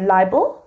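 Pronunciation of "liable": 'Liable' is pronounced incorrectly here.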